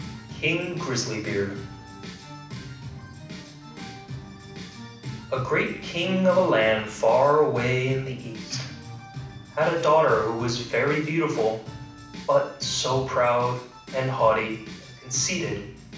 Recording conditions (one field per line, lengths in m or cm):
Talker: one person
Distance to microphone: 5.8 m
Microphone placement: far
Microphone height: 1.8 m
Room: medium-sized (5.7 m by 4.0 m)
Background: music